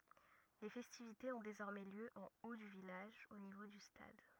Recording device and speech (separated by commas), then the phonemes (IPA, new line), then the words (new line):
rigid in-ear microphone, read sentence
le fɛstivitez ɔ̃ dezɔʁmɛ ljø ɑ̃ o dy vilaʒ o nivo dy stad
Les festivités ont désormais lieu en haut du village, au niveau du stade.